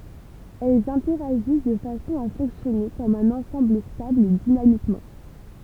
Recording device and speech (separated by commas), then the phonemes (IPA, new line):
temple vibration pickup, read sentence
ɛlz ɛ̃tɛʁaʒis də fasɔ̃ a fɔ̃ksjɔne kɔm œ̃n ɑ̃sɑ̃bl stabl dinamikmɑ̃